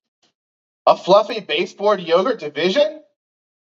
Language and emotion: English, surprised